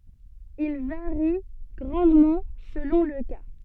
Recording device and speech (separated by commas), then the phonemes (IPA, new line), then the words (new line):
soft in-ear microphone, read sentence
il vaʁi ɡʁɑ̃dmɑ̃ səlɔ̃ lə ka
Il varie grandement selon le cas.